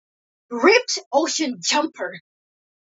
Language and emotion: English, disgusted